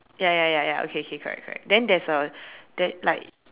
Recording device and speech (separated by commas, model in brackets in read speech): telephone, conversation in separate rooms